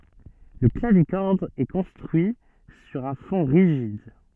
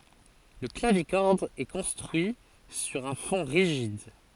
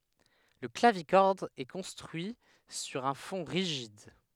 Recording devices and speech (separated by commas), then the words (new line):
soft in-ear microphone, forehead accelerometer, headset microphone, read sentence
Le clavicorde est construit sur un fond rigide.